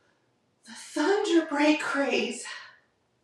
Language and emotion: English, fearful